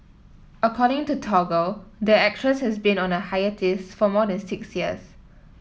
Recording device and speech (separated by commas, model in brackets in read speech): mobile phone (iPhone 7), read sentence